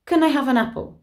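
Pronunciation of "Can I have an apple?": The question is said quickly, and more schwas appear: 'can' and 'an' are unstressed and reduced, with 'an' sounding like 'un'.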